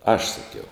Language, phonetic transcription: Lithuanian, aš saˈkiau

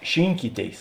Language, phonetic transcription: Lithuanian, ˈšinkyˌtėis

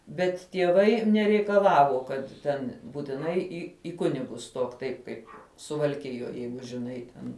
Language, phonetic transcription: Lithuanian, bet tieˈvai nereikaˈlavo kad ˈten būtiˈnai į i ˈkunigus ˈstok ˈtaip kaip suvalˈkijoj ˈjeigu žiˈnai ten

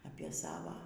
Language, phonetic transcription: Lithuanian, apie ˈsava

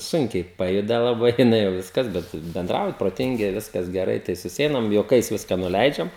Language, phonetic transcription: Lithuanian, ˈsunkiai ˈpajuda laˈbai jiˈnai jau ˈviskas bet benˈdrauja proˈtingi ˈviskas geˈrai tai suˈseinam juoˈkais ˈviska nuˈleidžiam

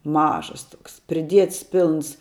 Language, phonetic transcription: Lithuanian, ˈmažas ˈtoks priˈdiets ˈpilns

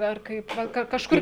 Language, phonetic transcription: Lithuanian, ar ˈkaip ˈva ˈka kažˈkur'

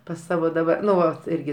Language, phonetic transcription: Lithuanian, pas ˈsavo daˈba ˈnu ˈvat ˈirgi

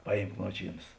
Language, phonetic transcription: Lithuanian, ˈpaˌjymk ˈnuočyˌnas

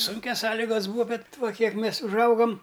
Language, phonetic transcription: Lithuanian, ˈsunkias ˈsąligas ˈbūa ˈbet ˈva ˈkiek ˈmės užˈaugam

